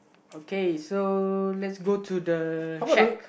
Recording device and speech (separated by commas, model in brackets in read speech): boundary microphone, conversation in the same room